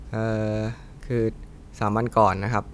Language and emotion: Thai, frustrated